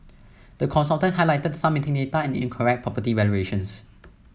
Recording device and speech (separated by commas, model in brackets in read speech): mobile phone (iPhone 7), read sentence